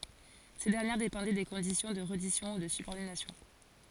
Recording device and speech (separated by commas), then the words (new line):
forehead accelerometer, read sentence
Ces dernières dépendaient des conditions de reddition ou de subordination.